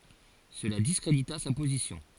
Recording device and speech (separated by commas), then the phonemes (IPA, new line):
forehead accelerometer, read sentence
səla diskʁedita sa pozisjɔ̃